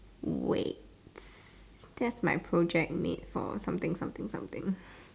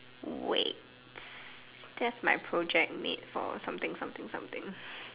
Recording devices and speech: standing microphone, telephone, conversation in separate rooms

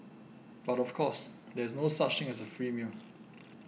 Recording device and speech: mobile phone (iPhone 6), read sentence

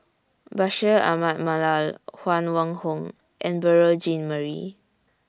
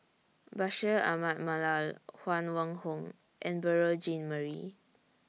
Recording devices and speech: standing microphone (AKG C214), mobile phone (iPhone 6), read sentence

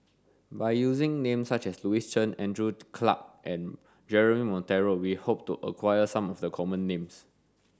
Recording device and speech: standing microphone (AKG C214), read sentence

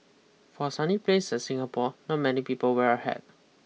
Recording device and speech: mobile phone (iPhone 6), read sentence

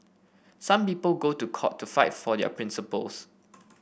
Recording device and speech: boundary microphone (BM630), read sentence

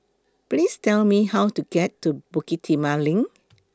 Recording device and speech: close-talking microphone (WH20), read sentence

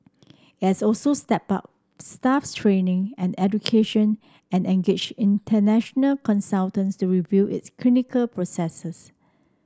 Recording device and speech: standing microphone (AKG C214), read sentence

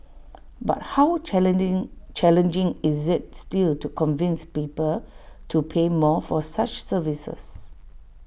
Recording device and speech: boundary microphone (BM630), read sentence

